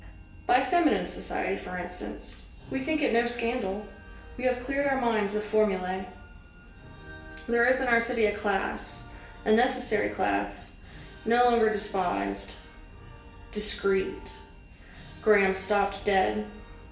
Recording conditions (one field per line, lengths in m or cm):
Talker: one person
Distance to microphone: 1.8 m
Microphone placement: close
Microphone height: 1.0 m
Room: large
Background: music